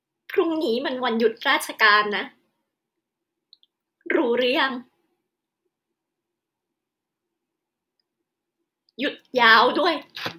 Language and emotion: Thai, sad